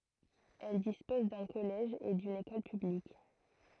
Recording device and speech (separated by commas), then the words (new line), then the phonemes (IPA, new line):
throat microphone, read sentence
Elle dispose d'un collège et d'une école publique.
ɛl dispɔz dœ̃ kɔlɛʒ e dyn ekɔl pyblik